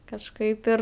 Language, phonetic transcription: Lithuanian, kažˈkaip ir

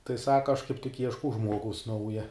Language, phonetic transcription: Lithuanian, tai ˈsaka aš kaip tik ˈieškau ˈžmuogaus ˈnauja

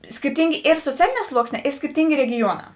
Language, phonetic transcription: Lithuanian, skirˈtyngė ir soˈcialėˌnē ˈsluoksˌnē ir skirˈtyngė regiˈjuoˌnā

